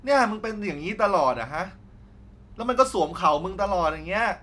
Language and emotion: Thai, frustrated